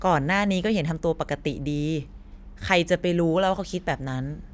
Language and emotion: Thai, frustrated